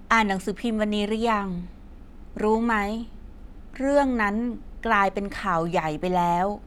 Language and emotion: Thai, neutral